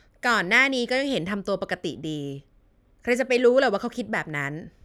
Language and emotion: Thai, frustrated